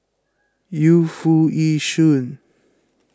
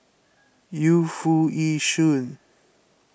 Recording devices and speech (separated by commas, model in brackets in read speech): close-talking microphone (WH20), boundary microphone (BM630), read sentence